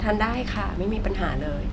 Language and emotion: Thai, neutral